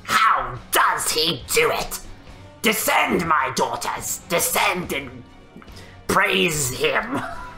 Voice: raspy voice